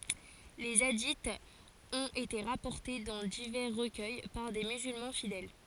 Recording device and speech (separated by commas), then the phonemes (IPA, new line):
forehead accelerometer, read sentence
le adiz ɔ̃t ete ʁapɔʁte dɑ̃ divɛʁ ʁəkœj paʁ de myzylmɑ̃ fidɛl